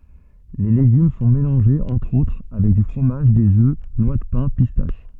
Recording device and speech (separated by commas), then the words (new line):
soft in-ear microphone, read sentence
Les légumes sont mélangés entre-autres avec du fromage, des œufs, noix de pin, pistaches.